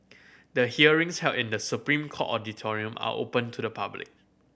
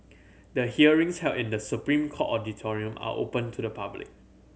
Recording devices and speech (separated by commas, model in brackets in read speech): boundary microphone (BM630), mobile phone (Samsung C7100), read sentence